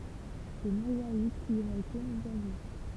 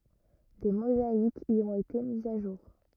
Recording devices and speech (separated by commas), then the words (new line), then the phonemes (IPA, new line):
temple vibration pickup, rigid in-ear microphone, read sentence
Des mosaïques y ont été mises à jour.
de mozaikz i ɔ̃t ete mizz a ʒuʁ